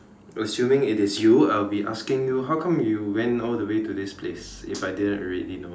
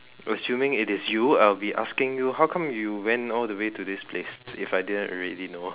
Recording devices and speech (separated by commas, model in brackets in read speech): standing microphone, telephone, conversation in separate rooms